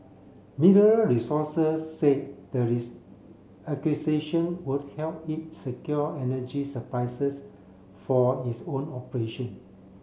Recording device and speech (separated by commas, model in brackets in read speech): mobile phone (Samsung C7), read sentence